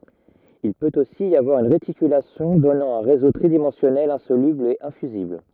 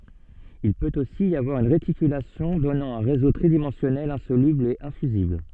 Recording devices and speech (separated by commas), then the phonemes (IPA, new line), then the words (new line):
rigid in-ear microphone, soft in-ear microphone, read sentence
il pøt osi i avwaʁ yn ʁetikylasjɔ̃ dɔnɑ̃ œ̃ ʁezo tʁidimɑ̃sjɔnɛl ɛ̃solybl e ɛ̃fyzibl
Il peut aussi y avoir une réticulation donnant un réseau tridimensionnel insoluble et infusible.